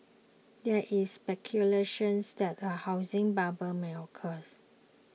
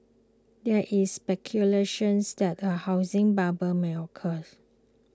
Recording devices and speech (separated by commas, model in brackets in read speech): mobile phone (iPhone 6), close-talking microphone (WH20), read sentence